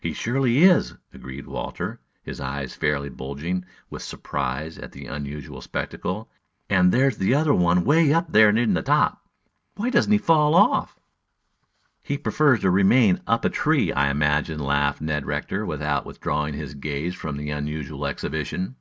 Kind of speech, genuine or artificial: genuine